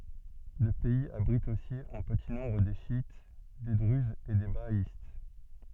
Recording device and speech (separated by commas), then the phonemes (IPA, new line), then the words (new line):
soft in-ear microphone, read sentence
lə pɛiz abʁit osi ɑ̃ pəti nɔ̃bʁ de ʃjit de dʁyzz e de baaist
Le pays abrite aussi en petit nombre des chiites, des druzes et des bahaïstes.